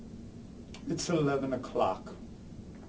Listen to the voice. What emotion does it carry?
neutral